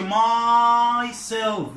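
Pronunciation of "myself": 'Myself' is pronounced incorrectly here: the stress falls on 'my' instead of on 'self'.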